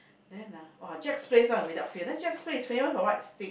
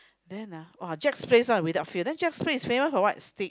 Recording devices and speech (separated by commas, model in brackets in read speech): boundary microphone, close-talking microphone, conversation in the same room